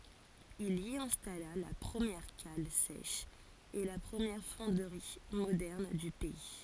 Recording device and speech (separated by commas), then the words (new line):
forehead accelerometer, read sentence
Il y installa la première cale sèche et la première fonderie moderne du pays.